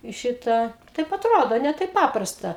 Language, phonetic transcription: Lithuanian, i ˈšitą taip atˈrodo ne ˈtaip ˈpaprasta

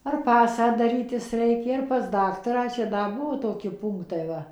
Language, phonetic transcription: Lithuanian, ar ˈpasą daˈrytis ˈreikė ar pas ˈdaktarą ˈčia ˈda ˈbuo ˈtoki ˈpūnktai ˈva

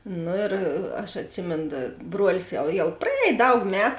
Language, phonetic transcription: Lithuanian, ˈno ir aš atˈsimėn da ˈbruolis jau jau praˈēj ˈdaug ˈmetu

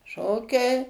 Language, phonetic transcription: Lithuanian, ˈšokiai

